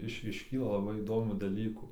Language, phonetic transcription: Lithuanian, ˈiš išˈkyla laˈbai įˈdomių daˈlykų

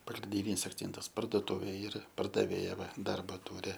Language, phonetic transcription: Lithuanian, pagrinˈdinys akˈcentas parduoˈtuvė ˈyra pardaˈvėja ˈva ˈdarba ˈtūri

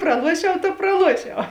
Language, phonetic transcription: Lithuanian, praˈluošiau ta praˈluošiau

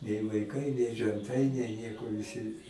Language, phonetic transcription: Lithuanian, nei vaiˈkai nei ženˈtai nei ˈnieko viˈsi

